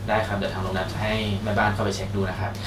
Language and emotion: Thai, neutral